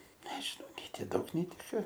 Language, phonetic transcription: Lithuanian, ˈnežinau nei ˈti ˈdaug nei ˈti ˈka

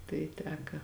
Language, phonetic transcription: Lithuanian, tai ˈteka

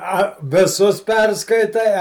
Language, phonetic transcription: Lithuanian, ˈa viˈsus ˈperskaitai ˈa

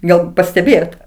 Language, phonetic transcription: Lithuanian, ˈgal pasteˈbėjot

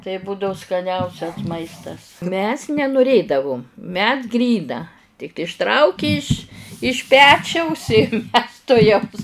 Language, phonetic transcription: Lithuanian, tai ˈbūdau skaˈniausias ˈmaistas mes nenuˈrėdavum mes ˈgryna tik išˈtrauki iš iš ˈpečiaus i mes tuˈjaus

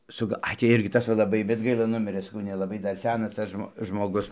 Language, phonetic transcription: Lithuanian, su ˈga ˈai tį ˈirgi ˈtas va laˈbai bet ˈgaila ˈnumirɘ saˈkau nelaˈbai ˈdar ˈsenas ˈtas žmo žmoˈgus

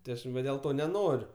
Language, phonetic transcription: Lithuanian, ti ˈaš va dėl ˈto neˈnoriu

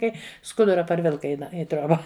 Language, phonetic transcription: Lithuanian, ˈkai ˈskudura parˈvilka i ˈna i ˈtrioba

